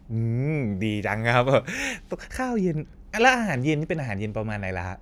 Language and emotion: Thai, happy